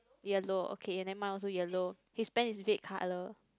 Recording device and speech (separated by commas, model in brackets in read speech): close-talking microphone, conversation in the same room